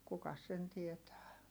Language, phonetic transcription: Finnish, kukas sen tietää .
- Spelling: kukas sen tietää

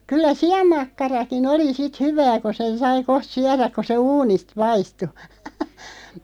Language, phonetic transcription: Finnish, 'kyllä "si₍ammakkaraki'n ‿oli 'sit "hyvää ko sen 'sai 'koht "syäräᵏ ko se "uunist 'paistu .
- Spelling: kyllä sianmakkarakin oli sitten hyvää kun sen sai kohta syödä kun se uunista paistui

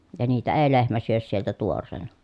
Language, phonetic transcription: Finnish, ja niitä ee lehmä syös sieltä tuor̆reena .
- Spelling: ja niitä ei lehmä syö sieltä tuoreena

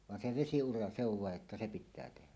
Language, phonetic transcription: Finnish, van se "vesi₍ura "se ‿ov 'vàeˀ ˀettä "se 'pit̆tää tehä .
- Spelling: vaan se vesiura se on vain että se pitää tehdä

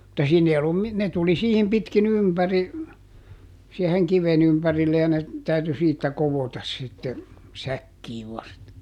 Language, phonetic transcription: Finnish, [mut]ta ˈsiin ‿ei ollum ˈmi- , ne ˈtuli siihim pitki"n ‿ympäri , sieheŋ "kiven ‿ympärille ja ne , ˈtäyty "siittä ˈkovotas sitte , "säkkiiv vasta .
- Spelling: mutta siinä ei ollut - ne tuli siihen pitkin ympäri siihen kiven ympärille ja ne täytyi siitä koota sitten säkkiin vasta

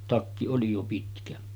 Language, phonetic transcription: Finnish, 'takki oli jo 'pitkä .
- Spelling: takki oli jo pitkä

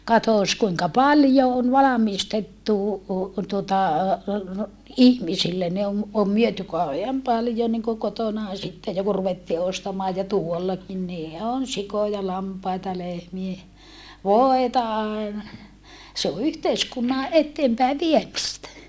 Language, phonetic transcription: Finnish, katòs kuiŋka paljo on valamistettu , tuota , ihmisille ne om , om myöty kauheam paljo niŋko kotonà sitte jo ku ruvettii ostamaa ja tuollakin nii on sikoja lampaita lehmie , voeta aena ja , se o yhteiskunna , etteempäi viemistä .
- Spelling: katsos kuinka paljon on valmistettu tuota ihmisille ne on on myyty kauhean paljon niin kuin kotona sitten jo kun ruvettiin ostamaan ja tuollakin niin on sikoja lampaita lehmiä voita aina ja se on yhteiskunnan eteenpäin viemistä

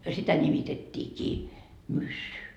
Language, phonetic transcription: Finnish, sitä nimitet́t́iikii , 'myssy .
- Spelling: sitä nimitettiinkin myssy

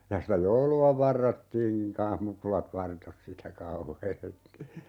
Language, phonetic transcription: Finnish, ja sitä "joulu₍a 'varrottiiŋkiŋ 'kaa̰h "mukulat 'vartos sitä 'kau"heesti .
- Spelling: ja sitä joulua varrottiinkin kanssa mukulat vartosi sitä kauheasti

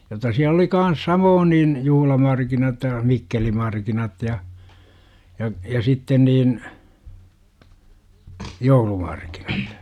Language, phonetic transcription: Finnish, jotta siäl ‿oli 'kan̬s "samoon niin , 'juhlamarkinat ja , 'mikkelimarkinat ja , ja , ja 'sitten niin , "joulumarkINAt .
- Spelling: jotta siellä oli kanssa samoin niin juhlamarkkinat ja mikkelimarkkinat ja ja ja sitten niin joulumarkkinat

